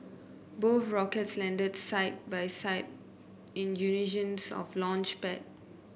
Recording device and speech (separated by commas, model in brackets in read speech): boundary microphone (BM630), read sentence